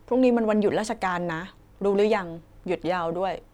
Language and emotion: Thai, neutral